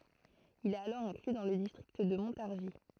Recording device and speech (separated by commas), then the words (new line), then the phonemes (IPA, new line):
throat microphone, read sentence
Il est alors inclus dans le district de Montargis.
il ɛt alɔʁ ɛ̃kly dɑ̃ lə distʁikt də mɔ̃taʁʒi